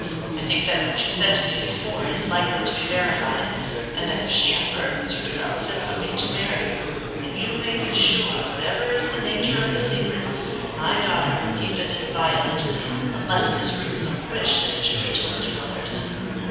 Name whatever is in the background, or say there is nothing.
Crowd babble.